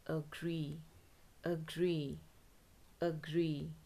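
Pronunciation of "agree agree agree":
'Agree' is pronounced correctly here.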